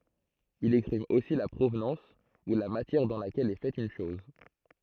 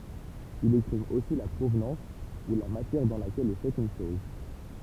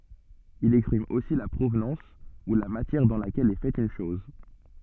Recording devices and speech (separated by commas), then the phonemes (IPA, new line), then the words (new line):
throat microphone, temple vibration pickup, soft in-ear microphone, read sentence
il ɛkspʁim osi la pʁovnɑ̃s u la matjɛʁ dɑ̃ lakɛl ɛ fɛt yn ʃɔz
Il exprime aussi la provenance ou la matière dans laquelle est faite une chose.